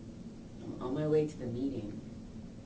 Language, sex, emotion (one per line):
English
female
neutral